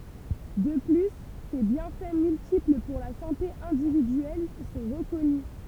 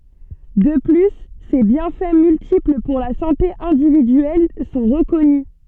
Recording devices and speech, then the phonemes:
temple vibration pickup, soft in-ear microphone, read sentence
də ply se bjɛ̃fɛ myltipl puʁ la sɑ̃te ɛ̃dividyɛl sɔ̃ ʁəkɔny

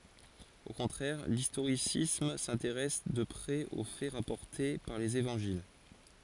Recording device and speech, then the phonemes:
forehead accelerometer, read sentence
o kɔ̃tʁɛʁ listoʁisism sɛ̃teʁɛs də pʁɛz o fɛ ʁapɔʁte paʁ lez evɑ̃ʒil

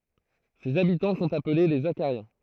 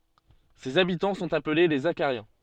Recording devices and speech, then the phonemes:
throat microphone, soft in-ear microphone, read sentence
sez abitɑ̃ sɔ̃t aple le zaʃaʁjɛ̃

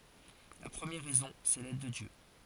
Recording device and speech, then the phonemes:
forehead accelerometer, read sentence
la pʁəmjɛʁ ʁɛzɔ̃ sɛ lɛd də djø

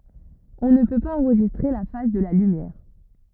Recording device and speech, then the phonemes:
rigid in-ear microphone, read sentence
ɔ̃ nə pø paz ɑ̃ʁʒistʁe la faz də la lymjɛʁ

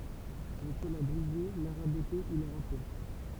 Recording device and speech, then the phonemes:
temple vibration pickup, read sentence
ɔ̃ pø la bʁize la ʁabote u la ʁape

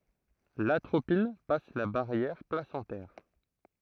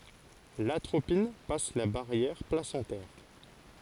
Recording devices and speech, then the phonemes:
throat microphone, forehead accelerometer, read sentence
latʁopin pas la baʁjɛʁ plasɑ̃tɛʁ

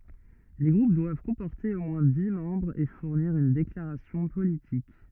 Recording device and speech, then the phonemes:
rigid in-ear microphone, read sentence
le ɡʁup dwav kɔ̃pɔʁte o mwɛ̃ di mɑ̃bʁz e fuʁniʁ yn deklaʁasjɔ̃ politik

